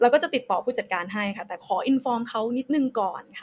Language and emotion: Thai, neutral